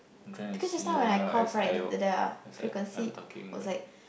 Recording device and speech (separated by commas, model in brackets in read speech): boundary microphone, conversation in the same room